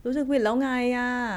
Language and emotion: Thai, frustrated